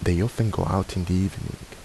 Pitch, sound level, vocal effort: 95 Hz, 76 dB SPL, soft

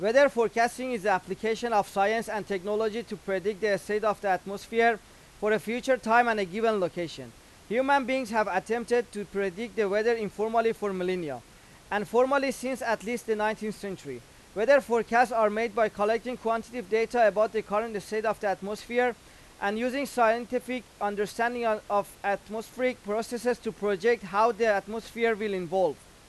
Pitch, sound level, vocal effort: 220 Hz, 96 dB SPL, very loud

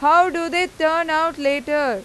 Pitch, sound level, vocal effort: 320 Hz, 97 dB SPL, very loud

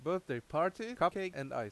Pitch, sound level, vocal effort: 170 Hz, 90 dB SPL, loud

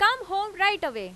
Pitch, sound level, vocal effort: 395 Hz, 98 dB SPL, very loud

